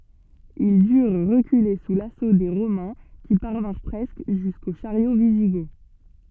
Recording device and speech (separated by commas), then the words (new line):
soft in-ear microphone, read sentence
Ils durent reculer sous l’assaut des Romains, qui parvinrent presque jusqu’aux chariots wisigoths.